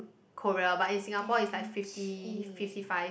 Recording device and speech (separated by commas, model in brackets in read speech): boundary microphone, conversation in the same room